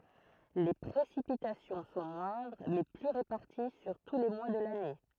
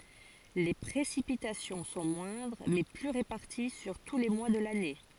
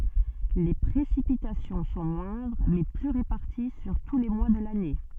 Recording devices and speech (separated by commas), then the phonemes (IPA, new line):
throat microphone, forehead accelerometer, soft in-ear microphone, read sentence
le pʁesipitasjɔ̃ sɔ̃ mwɛ̃dʁ mɛ ply ʁepaʁti syʁ tu le mwa də lane